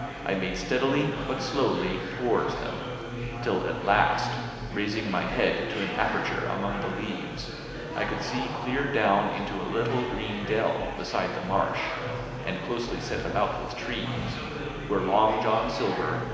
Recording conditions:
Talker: one person; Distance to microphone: 1.7 m; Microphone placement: close; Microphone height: 1.0 m; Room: very reverberant, large; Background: babble

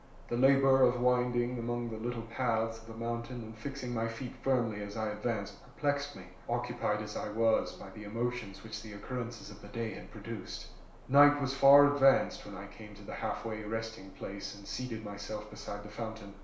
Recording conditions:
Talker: one person; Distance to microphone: 1.0 m; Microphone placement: close; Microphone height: 1.1 m; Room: small (3.7 m by 2.7 m); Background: none

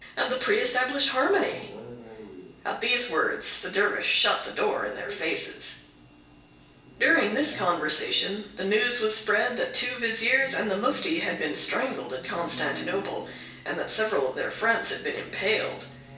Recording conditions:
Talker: one person; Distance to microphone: 1.8 m; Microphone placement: close; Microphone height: 1.0 m; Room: large; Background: television

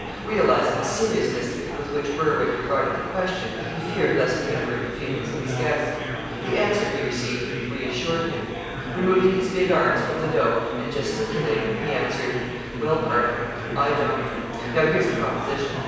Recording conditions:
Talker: one person; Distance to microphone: 7.1 m; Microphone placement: far; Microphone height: 1.7 m; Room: very reverberant, large; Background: babble

